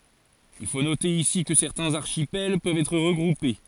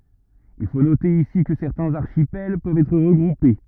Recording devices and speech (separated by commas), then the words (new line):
forehead accelerometer, rigid in-ear microphone, read sentence
Il faut noter ici que certains archipels peuvent être regroupés.